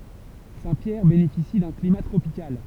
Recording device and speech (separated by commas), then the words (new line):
temple vibration pickup, read sentence
Saint-Pierre bénéficie d'un climat tropical.